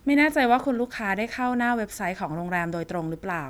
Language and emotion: Thai, neutral